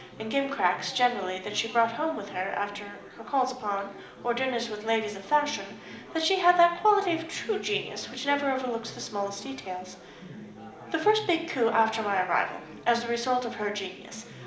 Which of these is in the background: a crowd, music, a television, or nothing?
Crowd babble.